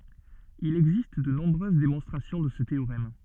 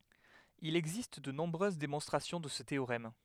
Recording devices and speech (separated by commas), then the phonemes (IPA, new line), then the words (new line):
soft in-ear microphone, headset microphone, read sentence
il ɛɡzist də nɔ̃bʁøz demɔ̃stʁasjɔ̃ də sə teoʁɛm
Il existe de nombreuses démonstrations de ce théorème.